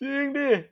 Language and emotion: Thai, happy